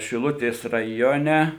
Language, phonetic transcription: Lithuanian, šiˈlutės raˈjone

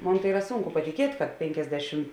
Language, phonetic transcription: Lithuanian, ˈmon tai ˈyra ˈsūnku patiˈkiet' kad ˈpėnkiasˌdešim

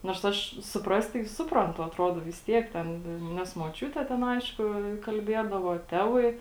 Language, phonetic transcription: Lithuanian, nors ˈaš suˈprast tai ˈsuprantu atˈrodo vis ˈtiek ˈten ˈnes moˈčiūte ˈten ˈaišku kalˈbiedavo ˈtevai

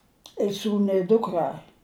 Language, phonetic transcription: Lithuanian, i ˈsūnu i ˈdukra

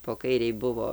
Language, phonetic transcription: Lithuanian, po ˈkairei ˈbuvo

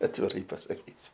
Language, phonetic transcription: Lithuanian, atviˈrai pasaˈkysiu

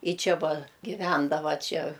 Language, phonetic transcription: Lithuanian, ˈji ˈčia ˈva giˈvendava ˈčia

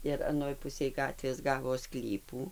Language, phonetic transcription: Lithuanian, ir aˈnoj ˈpusėj ˈgatvės ˈgavo ˈsklypų

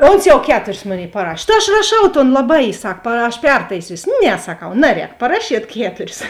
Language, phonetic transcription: Lithuanian, ˈons jau ˈketuris ˈmoˌnėi paˈrašė ta aš raˈšau ton laˈbai ˈsak pa aš ˈpertaisysio ˈne saˈkau ˈnaˌrēk paˈrašiet ˈketuris

